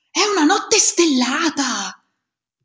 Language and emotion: Italian, surprised